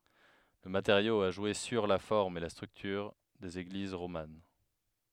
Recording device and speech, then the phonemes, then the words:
headset microphone, read sentence
lə mateʁjo a ʒwe syʁ la fɔʁm e la stʁyktyʁ dez eɡliz ʁoman
Le matériau a joué sur la forme et la structure des églises romanes.

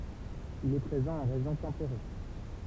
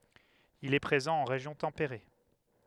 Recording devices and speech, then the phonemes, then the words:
temple vibration pickup, headset microphone, read sentence
il ɛ pʁezɑ̃ ɑ̃ ʁeʒjɔ̃ tɑ̃peʁe
Il est présent en région tempérée.

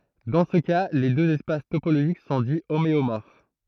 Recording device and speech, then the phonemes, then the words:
throat microphone, read sentence
dɑ̃ sə ka le døz ɛspas topoloʒik sɔ̃ di omeomɔʁf
Dans ce cas, les deux espaces topologiques sont dits homéomorphes.

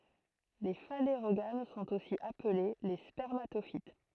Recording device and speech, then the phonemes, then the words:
throat microphone, read sentence
le faneʁoɡam sɔ̃t osi aple le spɛʁmatofit
Les phanérogames sont aussi appelées les spermatophytes.

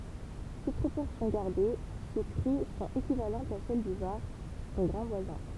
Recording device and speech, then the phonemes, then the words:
temple vibration pickup, read sentence
tut pʁopɔʁsjɔ̃ ɡaʁde se kʁy sɔ̃t ekivalɑ̃tz a sɛl dy vaʁ sɔ̃ ɡʁɑ̃ vwazɛ̃
Toutes proportions gardées, ces crues sont équivalentes à celles du Var, son grand voisin.

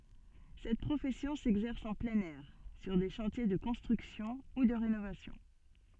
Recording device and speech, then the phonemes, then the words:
soft in-ear microphone, read sentence
sɛt pʁofɛsjɔ̃ sɛɡzɛʁs ɑ̃ plɛ̃n ɛʁ syʁ de ʃɑ̃tje də kɔ̃stʁyksjɔ̃ u də ʁenovasjɔ̃
Cette profession s'exerce en plein air, sur des chantiers de construction ou de rénovation.

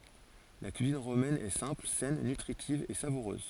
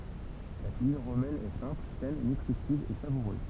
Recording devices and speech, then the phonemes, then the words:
forehead accelerometer, temple vibration pickup, read sentence
la kyizin ʁomɛn ɛ sɛ̃pl sɛn nytʁitiv e savuʁøz
La cuisine romaine est simple, saine, nutritive et savoureuse.

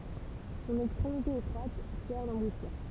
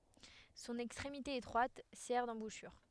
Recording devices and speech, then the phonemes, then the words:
temple vibration pickup, headset microphone, read sentence
sɔ̃n ɛkstʁemite etʁwat sɛʁ dɑ̃buʃyʁ
Son extrémité étroite sert d'embouchure.

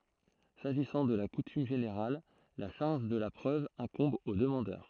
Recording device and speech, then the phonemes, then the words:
throat microphone, read sentence
saʒisɑ̃ də la kutym ʒeneʁal la ʃaʁʒ də la pʁøv ɛ̃kɔ̃b o dəmɑ̃dœʁ
S'agissant de la coutume générale, la charge de la preuve incombe au demandeur.

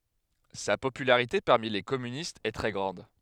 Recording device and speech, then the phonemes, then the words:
headset microphone, read sentence
sa popylaʁite paʁmi le kɔmynistz ɛ tʁɛ ɡʁɑ̃d
Sa popularité parmi les communistes est très grande.

